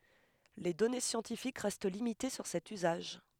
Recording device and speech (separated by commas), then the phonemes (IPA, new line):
headset microphone, read sentence
le dɔne sjɑ̃tifik ʁɛst limite syʁ sɛt yzaʒ